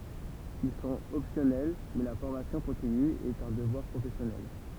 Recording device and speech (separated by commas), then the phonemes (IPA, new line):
temple vibration pickup, read sentence
il sɔ̃t ɔpsjɔnɛl mɛ la fɔʁmasjɔ̃ kɔ̃tiny ɛt œ̃ dəvwaʁ pʁofɛsjɔnɛl